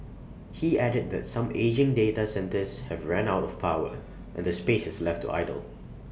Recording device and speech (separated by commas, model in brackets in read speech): boundary microphone (BM630), read sentence